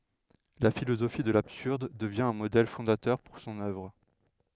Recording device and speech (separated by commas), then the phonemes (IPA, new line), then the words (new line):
headset microphone, read sentence
la filozofi də labsyʁd dəvjɛ̃ œ̃ modɛl fɔ̃datœʁ puʁ sɔ̃n œvʁ
La philosophie de l'absurde devient un modèle fondateur pour son œuvre.